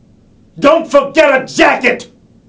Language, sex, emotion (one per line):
English
male
angry